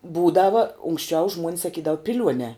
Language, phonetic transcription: Lithuanian, ˈbūdava unksˈčiau žmuon's saˈkydavu piˈliuonē

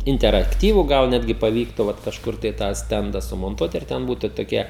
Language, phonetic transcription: Lithuanian, interakˈtyvų ˈgal ˈnetgi paˈvyktu ˈvat kažˈkur tai tą ˈstenda sumonˈtuot ir ˈten ˈbūtu toˈkia

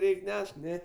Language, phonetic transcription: Lithuanian, ˈreik' ˈnešk ˈne

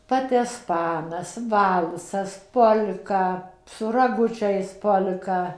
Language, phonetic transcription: Lithuanian, ˌpatesˈpanas ˈvalsas ˈpol'ka su raˈgučais ˈpol'ka

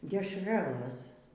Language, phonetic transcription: Lithuanian, dešˈralɘs

